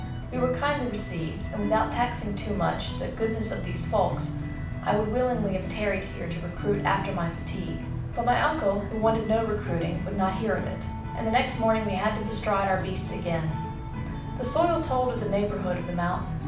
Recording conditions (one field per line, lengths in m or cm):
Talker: one person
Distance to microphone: 5.8 m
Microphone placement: far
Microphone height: 1.8 m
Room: medium-sized (5.7 m by 4.0 m)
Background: music